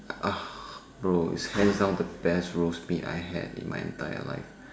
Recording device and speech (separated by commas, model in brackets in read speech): standing microphone, conversation in separate rooms